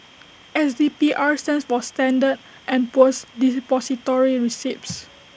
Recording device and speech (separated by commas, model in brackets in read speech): boundary microphone (BM630), read sentence